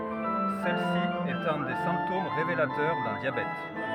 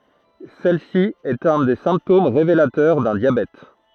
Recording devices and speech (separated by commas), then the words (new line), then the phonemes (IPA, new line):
rigid in-ear microphone, throat microphone, read sentence
Celle-ci est un des symptômes révélateurs d'un diabète.
sɛl si ɛt œ̃ de sɛ̃ptom ʁevelatœʁ dœ̃ djabɛt